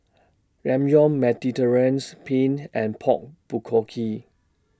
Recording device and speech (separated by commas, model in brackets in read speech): standing microphone (AKG C214), read sentence